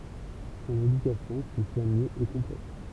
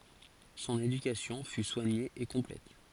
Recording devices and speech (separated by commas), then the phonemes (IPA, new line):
temple vibration pickup, forehead accelerometer, read sentence
sɔ̃n edykasjɔ̃ fy swaɲe e kɔ̃plɛt